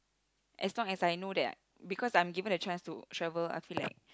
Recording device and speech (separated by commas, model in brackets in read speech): close-talking microphone, conversation in the same room